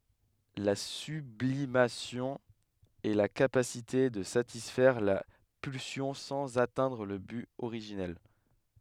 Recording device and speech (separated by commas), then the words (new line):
headset microphone, read sentence
La sublimation est la capacité de satisfaire la pulsion sans atteindre le but originel.